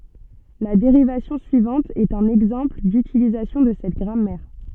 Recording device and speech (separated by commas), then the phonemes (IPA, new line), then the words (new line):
soft in-ear microphone, read sentence
la deʁivasjɔ̃ syivɑ̃t ɛt œ̃n ɛɡzɑ̃pl dytilizasjɔ̃ də sɛt ɡʁamɛʁ
La dérivation suivante est un exemple d'utilisation de cette grammaire.